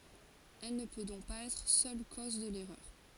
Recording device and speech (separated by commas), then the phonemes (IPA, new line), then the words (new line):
forehead accelerometer, read sentence
ɛl nə pø dɔ̃k paz ɛtʁ sœl koz də lɛʁœʁ
Elle ne peut donc pas être seule cause de l'erreur.